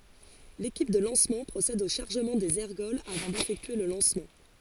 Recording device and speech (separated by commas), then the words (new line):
forehead accelerometer, read sentence
L'équipe de lancement procède au chargement des ergols avant d'effectuer le lancement.